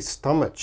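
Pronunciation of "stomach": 'Stomach' is pronounced incorrectly here.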